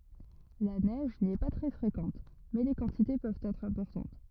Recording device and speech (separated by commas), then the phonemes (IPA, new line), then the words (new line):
rigid in-ear microphone, read sentence
la nɛʒ ni ɛ pa tʁɛ fʁekɑ̃t mɛ le kɑ̃tite pøvt ɛtʁ ɛ̃pɔʁtɑ̃t
La neige n'y est pas très fréquente, mais les quantités peuvent être importantes.